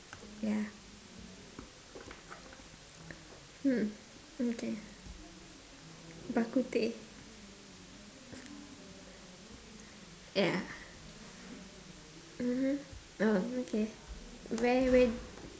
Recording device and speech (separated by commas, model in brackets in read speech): standing microphone, conversation in separate rooms